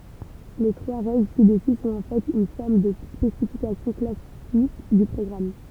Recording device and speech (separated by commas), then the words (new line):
temple vibration pickup, read sentence
Les trois règles ci-dessus sont en fait une forme de spécification classique du programme.